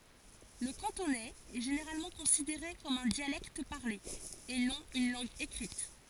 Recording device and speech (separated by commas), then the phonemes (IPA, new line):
forehead accelerometer, read sentence
lə kɑ̃tonɛz ɛ ʒeneʁalmɑ̃ kɔ̃sideʁe kɔm œ̃ djalɛkt paʁle e nɔ̃ yn lɑ̃ɡ ekʁit